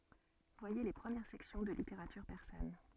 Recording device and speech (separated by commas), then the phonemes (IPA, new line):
soft in-ear microphone, read sentence
vwaje le pʁəmjɛʁ sɛksjɔ̃ də liteʁatyʁ pɛʁsan